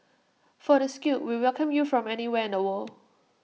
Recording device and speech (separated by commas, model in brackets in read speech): mobile phone (iPhone 6), read sentence